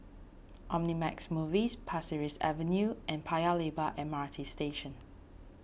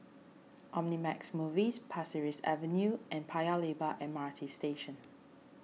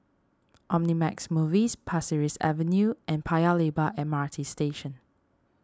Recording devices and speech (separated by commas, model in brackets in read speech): boundary microphone (BM630), mobile phone (iPhone 6), standing microphone (AKG C214), read sentence